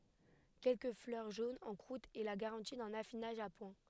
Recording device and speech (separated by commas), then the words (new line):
headset microphone, read sentence
Quelques fleurs jaunes en croûte est la garantie d'un affinage à point.